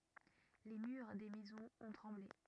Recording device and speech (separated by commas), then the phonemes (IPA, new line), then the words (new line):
rigid in-ear microphone, read sentence
le myʁ de mɛzɔ̃z ɔ̃ tʁɑ̃ble
Les murs des maisons ont tremblé.